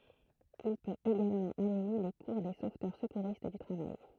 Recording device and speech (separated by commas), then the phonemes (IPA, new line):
throat microphone, read sentence
il pøt eɡalmɑ̃ anime le kuʁ de sovtœʁ səkuʁist dy tʁavaj